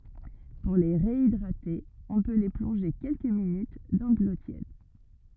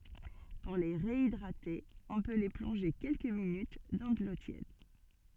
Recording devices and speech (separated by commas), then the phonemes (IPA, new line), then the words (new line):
rigid in-ear microphone, soft in-ear microphone, read sentence
puʁ le ʁeidʁate ɔ̃ pø le plɔ̃ʒe kɛlkə minyt dɑ̃ də lo tjɛd
Pour les réhydrater, on peut les plonger quelques minutes dans de l'eau tiède..